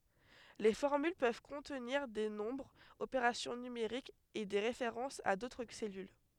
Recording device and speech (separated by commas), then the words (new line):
headset microphone, read sentence
Les formules peuvent contenir des nombres, opérations numériques et des références à d'autres cellules.